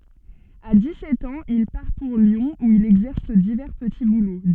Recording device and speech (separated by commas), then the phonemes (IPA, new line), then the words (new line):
soft in-ear microphone, read sentence
a di sɛt ɑ̃z il paʁ puʁ ljɔ̃ u il ɛɡzɛʁs divɛʁ pəti bulo
À dix-sept ans, il part pour Lyon où il exerce divers petits boulots.